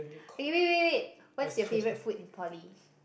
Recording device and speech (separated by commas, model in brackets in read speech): boundary microphone, conversation in the same room